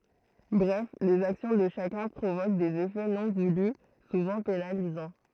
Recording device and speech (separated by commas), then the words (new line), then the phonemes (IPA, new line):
throat microphone, read sentence
Bref, les actions de chacun provoquent des effets non voulus, souvent pénalisants.
bʁɛf lez aksjɔ̃ də ʃakœ̃ pʁovok dez efɛ nɔ̃ vuly suvɑ̃ penalizɑ̃